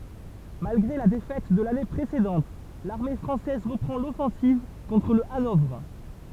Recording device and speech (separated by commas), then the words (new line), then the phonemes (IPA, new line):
temple vibration pickup, read sentence
Malgré la défaite de l’année précédente, l’armée française reprend l’offensive contre le Hanovre.
malɡʁe la defɛt də lane pʁesedɑ̃t laʁme fʁɑ̃sɛz ʁəpʁɑ̃ lɔfɑ̃siv kɔ̃tʁ lə anɔvʁ